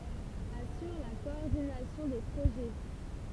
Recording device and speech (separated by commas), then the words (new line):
temple vibration pickup, read sentence
Assure la coordination des projets.